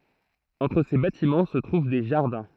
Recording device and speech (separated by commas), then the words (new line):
throat microphone, read sentence
Entre ces bâtiments se trouvent des jardins.